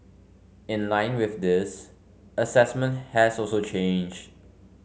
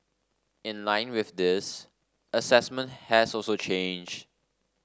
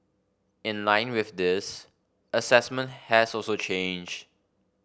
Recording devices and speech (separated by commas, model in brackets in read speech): mobile phone (Samsung C5), standing microphone (AKG C214), boundary microphone (BM630), read sentence